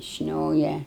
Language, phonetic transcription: Lithuanian, ˈšnioja

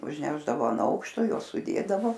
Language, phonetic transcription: Lithuanian, užˈnešdavo an ˈaukšto ˈjuos suˈdėdavo

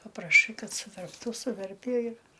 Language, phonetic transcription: Lithuanian, papraˈšai ˈkad suverpˈtų suˈverpie ir

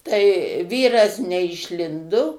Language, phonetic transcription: Lithuanian, tai ˈvyras neišˈlindu

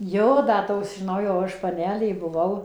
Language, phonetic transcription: Lithuanian, ˈjo da ˈtos žiˈnau jau ˈaš paˈnelė buˈvau

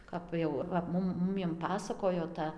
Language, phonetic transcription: Lithuanian, ˈkap jau va ˈmum ˈmumiem ˈpasakojo ˈta

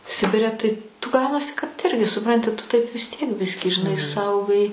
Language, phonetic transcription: Lithuanian, ˈsibire tai tu ˈgaunasi kad ˈirgi suˈpranti tu taip vis ˈtiek ˈbiskį žiˈnai ˈsaugai

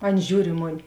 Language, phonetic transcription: Lithuanian, ˈan ˈžiūr i ˈmoˌni

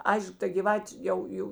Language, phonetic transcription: Lithuanian, ˈaišk ta gyˈvatė ˈjau ˈjau

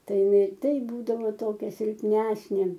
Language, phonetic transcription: Lithuanian, ˈtai iˈnai ˈtaip ˈbūdavo ˈtokia silpˈnesnė

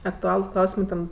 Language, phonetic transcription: Lithuanian, akˈtualus ˈklausimɜ ˈten

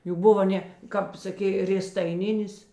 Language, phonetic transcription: Lithuanian, ˈjų ˈbuva ˈne ˈkap saˈkė rėstaiˈninis

